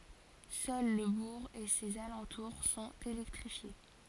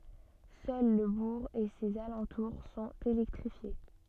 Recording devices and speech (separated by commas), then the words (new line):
forehead accelerometer, soft in-ear microphone, read sentence
Seul le bourg et ses alentours sont électrifiés.